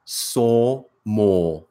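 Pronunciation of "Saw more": The r at the end of 'more' is not pronounced.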